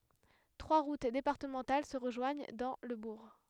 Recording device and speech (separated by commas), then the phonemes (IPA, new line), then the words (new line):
headset microphone, read sentence
tʁwa ʁut depaʁtəmɑ̃tal sə ʁəʒwaɲ dɑ̃ lə buʁ
Trois routes départementales se rejoignent dans le bourg.